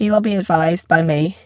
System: VC, spectral filtering